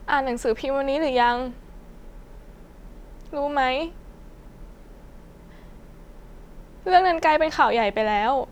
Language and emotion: Thai, sad